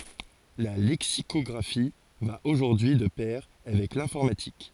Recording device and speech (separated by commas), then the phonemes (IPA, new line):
forehead accelerometer, read sentence
la lɛksikɔɡʁafi va oʒuʁdyi y də pɛʁ avɛk lɛ̃fɔʁmatik